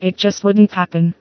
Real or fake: fake